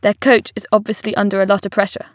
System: none